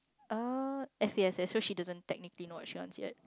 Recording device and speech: close-talking microphone, conversation in the same room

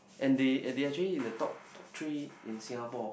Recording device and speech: boundary microphone, conversation in the same room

